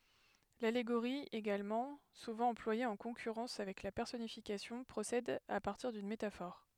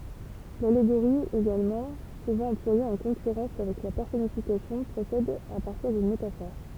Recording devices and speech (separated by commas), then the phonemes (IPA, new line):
headset microphone, temple vibration pickup, read sentence
laleɡoʁi eɡalmɑ̃ suvɑ̃ ɑ̃plwaje ɑ̃ kɔ̃kyʁɑ̃s avɛk la pɛʁsɔnifikasjɔ̃ pʁosɛd a paʁtiʁ dyn metafɔʁ